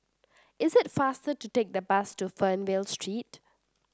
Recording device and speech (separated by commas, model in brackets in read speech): standing microphone (AKG C214), read sentence